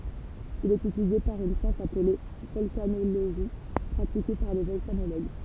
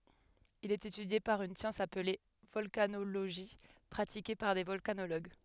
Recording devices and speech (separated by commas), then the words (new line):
temple vibration pickup, headset microphone, read sentence
Il est étudié par une science appelée volcanologie pratiquée par des volcanologues.